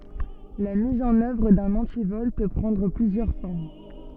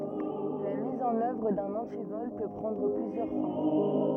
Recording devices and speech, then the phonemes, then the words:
soft in-ear microphone, rigid in-ear microphone, read sentence
la miz ɑ̃n œvʁ dœ̃n ɑ̃tivɔl pø pʁɑ̃dʁ plyzjœʁ fɔʁm
La mise en œuvre d'un antivol peut prendre plusieurs formes.

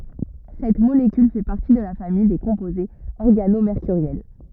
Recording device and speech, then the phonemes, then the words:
rigid in-ear microphone, read sentence
sɛt molekyl fɛ paʁti də la famij de kɔ̃pozez ɔʁɡanomeʁkyʁjɛl
Cette molécule fait partie de la famille des composés organomércuriels.

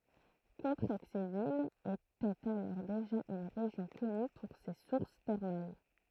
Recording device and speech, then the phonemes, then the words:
throat microphone, read sentence
kɔ̃tʁɛɡzevil etɛt alɔʁ deʒa yn ʁeʒjɔ̃ kɔny puʁ se suʁs tɛʁmal
Contrexéville était alors déjà une région connue pour ses sources thermales.

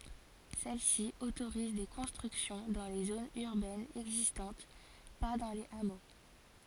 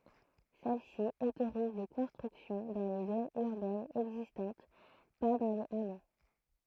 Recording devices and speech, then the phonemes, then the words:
forehead accelerometer, throat microphone, read sentence
sɛl si otoʁiz de kɔ̃stʁyksjɔ̃ dɑ̃ le zonz yʁbɛnz ɛɡzistɑ̃t pa dɑ̃ lez amo
Celle-ci autorise des constructions dans les zones urbaines existantes, pas dans les hameaux.

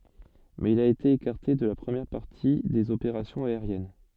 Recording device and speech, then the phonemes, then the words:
soft in-ear microphone, read sentence
mɛz il a ete ekaʁte də la pʁəmjɛʁ paʁti dez opeʁasjɔ̃z aeʁjɛn
Mais il a été écarté de la première partie des opérations aériennes.

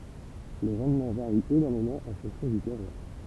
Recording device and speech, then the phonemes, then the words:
temple vibration pickup, read sentence
lə ʁɑ̃dmɑ̃ vaʁi enɔʁmemɑ̃ ɑ̃ fɔ̃ksjɔ̃ dy tɛʁwaʁ
Le rendement varie énormément en fonction du terroir.

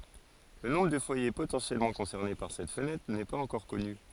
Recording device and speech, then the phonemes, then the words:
forehead accelerometer, read sentence
lə nɔ̃bʁ də fwaje potɑ̃sjɛlmɑ̃ kɔ̃sɛʁne paʁ sɛt fənɛtʁ nɛ paz ɑ̃kɔʁ kɔny
Le nombre de foyer potentiellement concernés par cette fenêtre n'est pas encore connu.

